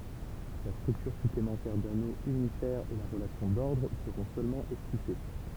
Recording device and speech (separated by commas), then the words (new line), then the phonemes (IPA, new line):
temple vibration pickup, read sentence
La structure supplémentaire d'anneau unifère et la relation d'ordre seront seulement esquissées.
la stʁyktyʁ syplemɑ̃tɛʁ dano ynifɛʁ e la ʁəlasjɔ̃ dɔʁdʁ səʁɔ̃ sølmɑ̃ ɛskise